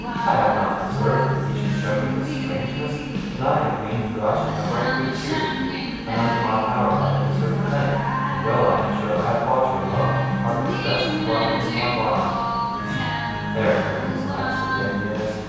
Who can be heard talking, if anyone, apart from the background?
One person.